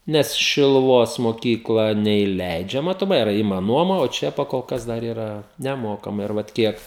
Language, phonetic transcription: Lithuanian, ˈnes šiluˈvos moˈkykla neįˈleidžia matoˈmai iˈra ˈima ˈnuoma o ˈčia pakolˈkas ˈdar ˈyra neˈmokamai ir ˈvat ˈkiek

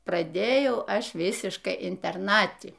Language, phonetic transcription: Lithuanian, praˈdėjau ˈaš ˈvisiškai interˈnati

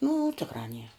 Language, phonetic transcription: Lithuanian, nu ˈtikrā nier

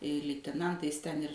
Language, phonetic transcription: Lithuanian, liteˈnantais ten ir

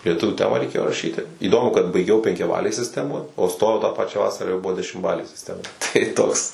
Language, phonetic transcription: Lithuanian, lieˈtuvių ˈtemą reiˈkėjo raˈšyti įˈdomu kad baiˈgiau penkiaˈbalėj sisˈtemoj o ˈstojau tą paˈčią ˈvasarą jau ˈbuvo dešimˈbalė sisˈtema tai ˈtoks

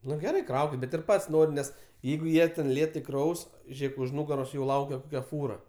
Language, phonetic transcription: Lithuanian, ˈnu geˈrai ˈkraukit bet ir ˈpat's' ˈnorim ˈnes ˈjeigu ˈjie ten ˈlėtai ˈkraus ˈžėk už ˈnugaros jau ˈlaukia ˈkokia ˈfūra

